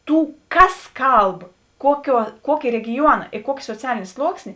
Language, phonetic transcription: Lithuanian, ˈtų ˈkas ˈkalb ˈkuoˌkiuo ˈkuokė regiˈjuona i ˈkuokė soˈcialėnė ˈsluoksnė

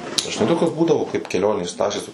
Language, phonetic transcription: Lithuanian, žiˈnai ˈtokios ˈbūdavo kaip keˈlionės ˈtašės

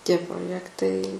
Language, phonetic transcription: Lithuanian, ˈtie proˈjektai

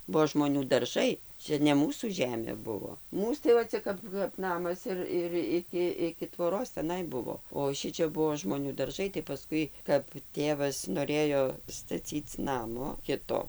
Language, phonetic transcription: Lithuanian, ˈbuo žmoˈnių darˈžai ˈčia ne ˈmūsų ˈžemė ˈbuvo ˈmūs tai va ˈcia kap kap ˈnamas ir ir ˈiki iki tvoˈros teˈnai ˈbuvo o ˈšičia ˈbuo žmoˈnių darˈžai tai paˈskui kap ˈtėvas noˈrėjo staˈcyc ˈnamo ˈkito

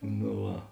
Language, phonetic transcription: Lithuanian, no ˈva

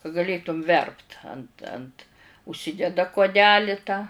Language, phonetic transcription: Lithuanian, ka gaˈlėtum ˈverpt ant ant užˈsideda kuoˈdeli tą

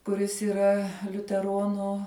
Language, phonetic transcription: Lithuanian, kuˈris yˈra liuteˈronu

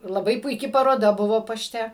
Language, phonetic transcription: Lithuanian, laˈbai puiˈki paroˈda ˈbuvo paˈšte

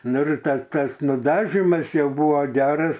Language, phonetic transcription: Lithuanian, ˈnu ir ˈta ˈk as nuˈdažimas ˈjau ˈbuvo ˈgeras

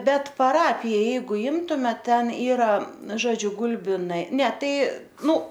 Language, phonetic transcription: Lithuanian, ˈbet paˈrapija ˈjeigu ˈimtume ˈten ˈyra ˈžodžiu ˈgulbinai ne ˈtai ˈnu

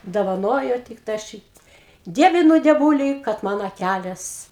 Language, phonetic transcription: Lithuanian, dovaˈnojo ˈtik tą ˈšyt ˈdievinu dieˈvūlį kad ˈman aˈkælės

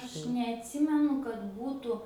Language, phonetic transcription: Lithuanian, ˈaš neatˈsimenu kad ˈbūtų

